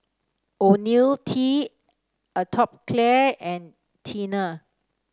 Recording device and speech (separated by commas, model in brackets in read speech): standing microphone (AKG C214), read sentence